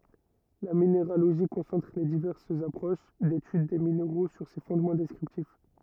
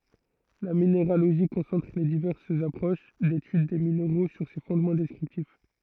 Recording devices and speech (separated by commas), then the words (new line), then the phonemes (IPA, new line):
rigid in-ear microphone, throat microphone, read sentence
La minéralogie concentre les diverses approches d'étude des minéraux sur ces fondements descriptifs.
la mineʁaloʒi kɔ̃sɑ̃tʁ le divɛʁsz apʁoʃ detyd de mineʁo syʁ se fɔ̃dmɑ̃ dɛskʁiptif